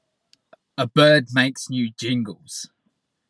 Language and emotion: English, disgusted